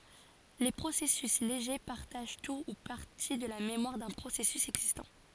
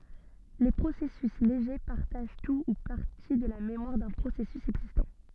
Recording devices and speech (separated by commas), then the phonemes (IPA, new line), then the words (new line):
forehead accelerometer, soft in-ear microphone, read sentence
le pʁosɛsys leʒe paʁtaʒ tu u paʁti də la memwaʁ dœ̃ pʁosɛsys ɛɡzistɑ̃
Les processus légers partagent tout ou partie de la mémoire d’un processus existant.